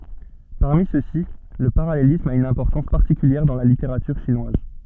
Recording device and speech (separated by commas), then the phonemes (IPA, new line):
soft in-ear microphone, read sentence
paʁmi søksi lə paʁalelism a yn ɛ̃pɔʁtɑ̃s paʁtikyljɛʁ dɑ̃ la liteʁatyʁ ʃinwaz